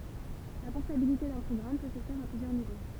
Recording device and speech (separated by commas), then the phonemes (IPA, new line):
temple vibration pickup, read sentence
la pɔʁtabilite dœ̃ pʁɔɡʁam pø sə fɛʁ a plyzjœʁ nivo